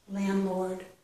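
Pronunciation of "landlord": In 'landlord', the d at the end of 'land' is not pronounced.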